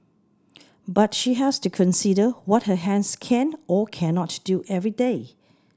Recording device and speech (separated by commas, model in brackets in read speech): standing microphone (AKG C214), read sentence